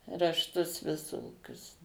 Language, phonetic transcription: Lithuanian, rašˈtus viˈsokius

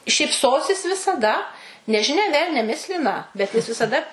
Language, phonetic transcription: Lithuanian, šypˈsosis visaˈda nežiˈnia ˈvelnia ˈmislina bet ˈjis visaˈda

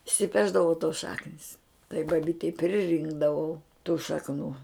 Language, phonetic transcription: Lithuanian, išsiˈpešdavo tos ˈšaknis tai baˈbytei priˈrinkdavau tų šakˈnų

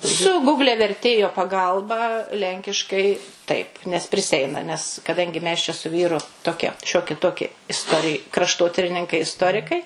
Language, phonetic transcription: Lithuanian, su ˈgugle verˈtėjo paˈgalba ˈlenkiškai ˈtaip nes priˈseina nes kaˈdangi mes čia su ˈvyru toˈkie ˈšioki ˈtoki isˈtorij krašˈtotirininkai isˈtorikai

